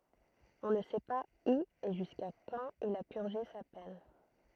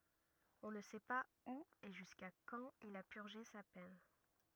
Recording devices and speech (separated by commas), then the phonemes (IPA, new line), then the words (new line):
throat microphone, rigid in-ear microphone, read sentence
ɔ̃ nə sɛ paz u e ʒyska kɑ̃t il a pyʁʒe sa pɛn
On ne sait pas où et jusqu'à quand il a purgé sa peine.